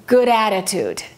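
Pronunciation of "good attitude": In 'good attitude', the d of 'good' is pronounced quickly and links straight into 'attitude' without a break.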